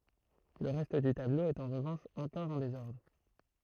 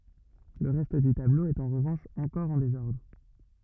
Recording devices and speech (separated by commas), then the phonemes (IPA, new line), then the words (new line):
throat microphone, rigid in-ear microphone, read sentence
lə ʁɛst dy tablo ɛt ɑ̃ ʁəvɑ̃ʃ ɑ̃kɔʁ ɑ̃ dezɔʁdʁ
Le reste du tableau est en revanche encore en désordre.